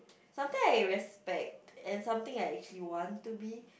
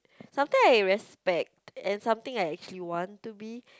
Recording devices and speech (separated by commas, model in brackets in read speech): boundary microphone, close-talking microphone, conversation in the same room